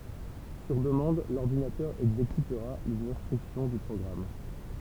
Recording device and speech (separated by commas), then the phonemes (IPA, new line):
temple vibration pickup, read sentence
syʁ dəmɑ̃d lɔʁdinatœʁ ɛɡzekytʁa lez ɛ̃stʁyksjɔ̃ dy pʁɔɡʁam